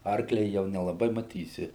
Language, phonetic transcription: Lithuanian, ˈarklia jau nelaˈbai maˈtysi

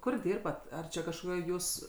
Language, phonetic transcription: Lithuanian, ˈkur ˈdyrbat ˈar čia kažkoˈkioj ˈjūs

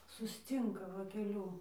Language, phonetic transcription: Lithuanian, susˈcynka ˈva keˈliū

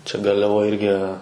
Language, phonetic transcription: Lithuanian, čia garliaˈvoj ˈirgi

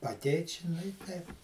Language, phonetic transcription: Lithuanian, aˈteit' ˈči ˈnu i ˈteip

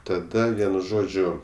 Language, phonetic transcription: Lithuanian, taˈda ˈvienu ˈžodžiu

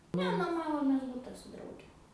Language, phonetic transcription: Lithuanian, ˈne noˈmavomės ˈbuta su ˈdrauge

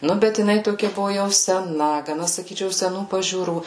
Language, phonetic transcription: Lithuanian, ˈnu bet jiˈnai ˈtokia ˈbuvo jau seˈna gaˈna saˈkyčiau seˈnų pažiūˈrų

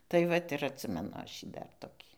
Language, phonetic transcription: Lithuanian, tai ˈvat ir atˈsimenu ˈaš ˈjį ˈdar toˈkį

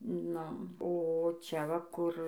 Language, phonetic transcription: Lithuanian, ˈnu o ˈčia ˈva ˈkur

